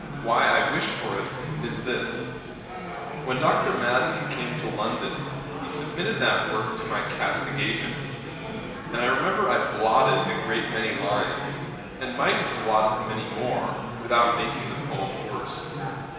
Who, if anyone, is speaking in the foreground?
One person.